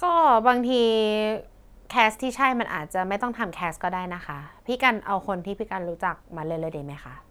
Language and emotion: Thai, neutral